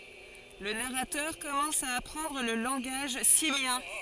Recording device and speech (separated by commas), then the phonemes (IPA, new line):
forehead accelerometer, read sentence
lə naʁatœʁ kɔmɑ̃s a apʁɑ̃dʁ lə lɑ̃ɡaʒ simjɛ̃